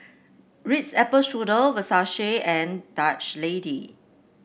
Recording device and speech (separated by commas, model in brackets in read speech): boundary microphone (BM630), read sentence